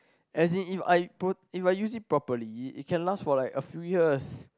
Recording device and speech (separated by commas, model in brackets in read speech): close-talking microphone, conversation in the same room